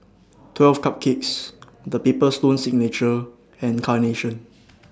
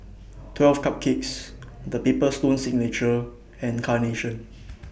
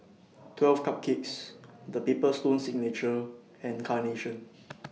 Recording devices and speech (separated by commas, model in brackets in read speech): standing microphone (AKG C214), boundary microphone (BM630), mobile phone (iPhone 6), read sentence